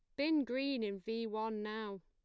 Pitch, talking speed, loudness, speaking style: 220 Hz, 195 wpm, -38 LUFS, plain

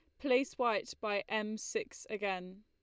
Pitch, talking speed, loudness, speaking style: 215 Hz, 150 wpm, -36 LUFS, Lombard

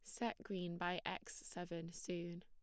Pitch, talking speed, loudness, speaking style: 175 Hz, 160 wpm, -46 LUFS, plain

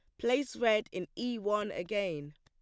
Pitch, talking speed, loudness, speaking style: 205 Hz, 170 wpm, -33 LUFS, plain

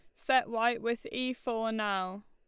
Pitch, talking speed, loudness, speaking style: 235 Hz, 175 wpm, -32 LUFS, Lombard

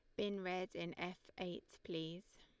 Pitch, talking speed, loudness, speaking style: 180 Hz, 165 wpm, -46 LUFS, Lombard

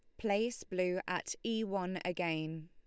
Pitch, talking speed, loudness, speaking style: 180 Hz, 145 wpm, -37 LUFS, Lombard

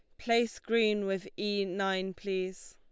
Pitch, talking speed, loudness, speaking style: 195 Hz, 145 wpm, -32 LUFS, Lombard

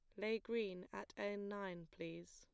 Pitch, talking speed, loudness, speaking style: 200 Hz, 170 wpm, -46 LUFS, plain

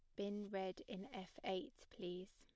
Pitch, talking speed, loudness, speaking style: 190 Hz, 165 wpm, -48 LUFS, plain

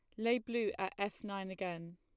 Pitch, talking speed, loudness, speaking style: 200 Hz, 205 wpm, -38 LUFS, plain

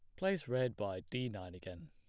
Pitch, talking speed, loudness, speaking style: 105 Hz, 215 wpm, -40 LUFS, plain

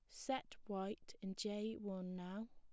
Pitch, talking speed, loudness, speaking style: 205 Hz, 155 wpm, -46 LUFS, plain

